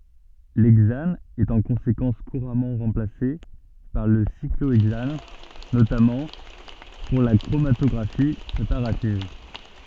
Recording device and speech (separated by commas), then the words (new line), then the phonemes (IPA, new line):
soft in-ear microphone, read sentence
L'hexane est en conséquence couramment remplacé par le cyclohexane, notamment pour la chromatographie préparative.
lɛɡzan ɛt ɑ̃ kɔ̃sekɑ̃s kuʁamɑ̃ ʁɑ̃plase paʁ lə sikloɛɡzan notamɑ̃ puʁ la kʁomatɔɡʁafi pʁepaʁativ